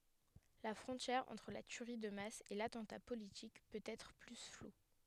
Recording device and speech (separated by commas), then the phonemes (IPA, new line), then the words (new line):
headset microphone, read sentence
la fʁɔ̃tjɛʁ ɑ̃tʁ la tyʁi də mas e latɑ̃ta politik pøt ɛtʁ ply flu
La frontière entre la tuerie de masse et l'attentat politique peut être plus floue.